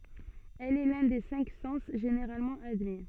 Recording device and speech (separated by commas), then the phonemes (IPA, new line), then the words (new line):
soft in-ear microphone, read sentence
ɛl ɛ lœ̃ de sɛ̃k sɑ̃s ʒeneʁalmɑ̃ admi
Elle est l’un des cinq sens généralement admis.